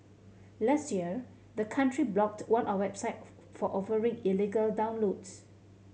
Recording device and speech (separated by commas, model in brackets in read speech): mobile phone (Samsung C7100), read sentence